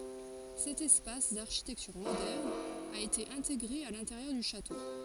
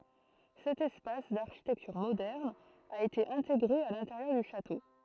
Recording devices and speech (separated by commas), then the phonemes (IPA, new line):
forehead accelerometer, throat microphone, read sentence
sɛt ɛspas daʁʃitɛktyʁ modɛʁn a ete ɛ̃teɡʁe a lɛ̃teʁjœʁ dy ʃato